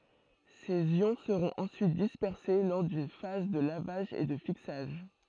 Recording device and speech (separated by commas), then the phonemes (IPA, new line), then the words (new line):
throat microphone, read sentence
sez jɔ̃ səʁɔ̃t ɑ̃syit dispɛʁse lɔʁ dyn faz də lavaʒ e də fiksaʒ
Ces ions seront ensuite dispersés lors d'une phase de lavage et de fixage.